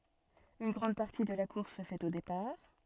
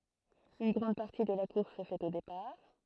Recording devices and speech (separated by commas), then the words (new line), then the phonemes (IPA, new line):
soft in-ear microphone, throat microphone, read sentence
Une grande partie de la course se fait au départ.
yn ɡʁɑ̃d paʁti də la kuʁs sə fɛt o depaʁ